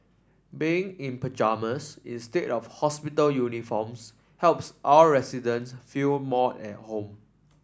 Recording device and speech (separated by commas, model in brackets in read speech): standing microphone (AKG C214), read sentence